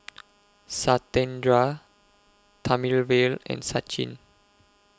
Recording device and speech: close-talking microphone (WH20), read sentence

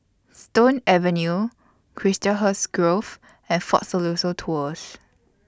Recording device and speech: standing microphone (AKG C214), read sentence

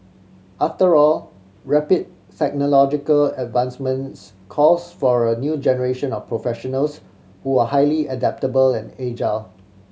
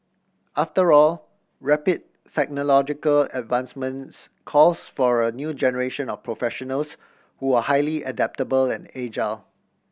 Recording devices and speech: mobile phone (Samsung C7100), boundary microphone (BM630), read sentence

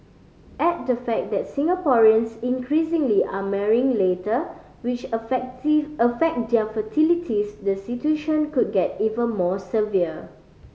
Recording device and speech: mobile phone (Samsung C5010), read sentence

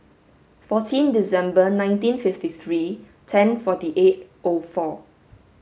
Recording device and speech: mobile phone (Samsung S8), read sentence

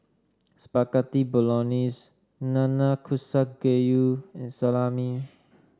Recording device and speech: standing microphone (AKG C214), read sentence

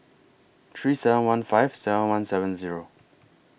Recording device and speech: boundary microphone (BM630), read sentence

